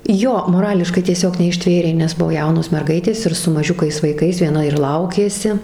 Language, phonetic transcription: Lithuanian, ˈjo moˈrališkai tieˈsiog neišˈtvėrė nes ˈbuvo ˈjaunos merˈgaitės ir su maˈžiukais vaiˈkais vieˈna ir ˈlaukėsi

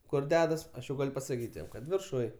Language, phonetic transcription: Lithuanian, ˈkur ˈdedas ˈaš jau ˈgal' pasaˈkyt' jam ˈkad virˈšuj

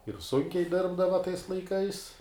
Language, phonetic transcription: Lithuanian, ir ˈsunkiai ˈdirbdava tais laiˈkais

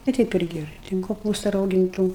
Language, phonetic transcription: Lithuanian, va ˈteip ˈirgi ˈten koˈpūsta rauginˈtų

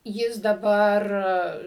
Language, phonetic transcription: Lithuanian, ˈjis daˈbar

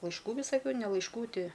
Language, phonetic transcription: Lithuanian, laišˈkų visaˈkių ne laišˈku ˈti

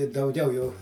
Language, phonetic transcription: Lithuanian, i dauˈgiau jau

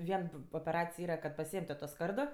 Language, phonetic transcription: Lithuanian, ˈvien opeˈracij ˈyra kad paˈsieėm tu to ˈskardo

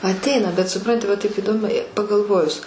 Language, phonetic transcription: Lithuanian, atˈeina bet suˈpranti va taip įˈdom pagalˈvojus

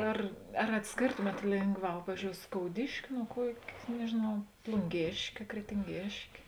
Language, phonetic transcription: Lithuanian, ˈar ar atsˈkėrtomėt ˈlėngˌvā ˈpavyzdžiou skouˈdiški nuo ˈkuok' nežėˈnau plunˈgėškė kretinˈgėškė

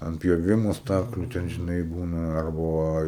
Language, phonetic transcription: Lithuanian, ant pjoˈvimo ˈstakliu ten žiˈnai ˈbūna ˈarba ˈva

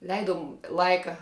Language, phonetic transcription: Lithuanian, ˈleidum ˈlaika

